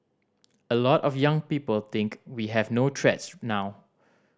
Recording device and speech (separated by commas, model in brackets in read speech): standing microphone (AKG C214), read sentence